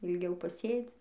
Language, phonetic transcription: Lithuanian, ilˈgiau paˈsėdzi

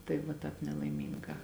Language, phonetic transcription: Lithuanian, tai va ˈtāp nelaiˈmyngā

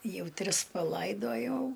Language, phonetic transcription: Lithuanian, ˈjau ˈtris paˈlaidojau

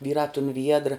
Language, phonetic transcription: Lithuanian, ˈvyrā tun viedr

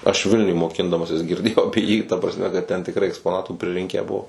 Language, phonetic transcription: Lithuanian, aš ˈvilniuj moˈkindamasis girˈdėjau ˈapie jį ta prasˈme kad ten tikˈrai ekspoˈnatų priˈrinkę ˈbuo

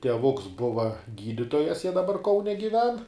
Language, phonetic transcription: Lithuanian, tieˈvuks ˈbuva ˈgyditojas jie daˈbar ˈkaune giˈven

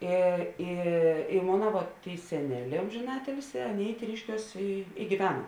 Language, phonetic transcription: Lithuanian, ˈi i i ˈmona vot ˈtėi seˈneˌlē ˌomžėˈnatilsi ˈaˌnėi ˈtryškiuos i i giˈvena

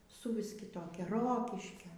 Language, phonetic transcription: Lithuanian, suˈvis kiˈtokia ˈrokiškio

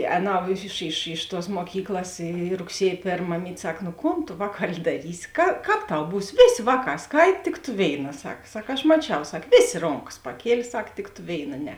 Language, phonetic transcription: Lithuanian, ˈēˌnau iš iš iš tuos muoˈkyklas y rugˈsiej ˈpėrm maˈmyt' ˈsak nu ˈkon ˈvāˌkali daˈrysi ka ˈkāp ˈtau ˈbūs ˈvėˌsė ˈvāˌkā ˈskait tik tu ˈvėiˌna ˈsak ˈsak aš maˈčiau ˈsak ˈvėˌsė ˈronˌkas paˈkielė ˈsak tik tu ˈvėiˌna ˈne

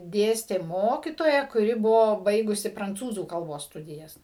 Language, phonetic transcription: Lithuanian, ˈdėstė ˈmokitoja kuˈri ˈbuvo ˈbaigusi pranˈcūzų kalˈbos ˈstudijas

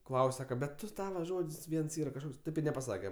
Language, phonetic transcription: Lithuanian, ˈklaus' ˈsaka bet ˈtu ˈtava ˈžod's' ˈviens ˈyra kažˈkoks ˈtaip ir nepaˈsake

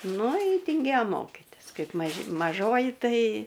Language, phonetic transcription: Lithuanian, ˈnu ˈji tinˈgėjo ˈmokitis ˈkaip maˈži maˈžoji ˈtai

